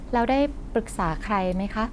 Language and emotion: Thai, neutral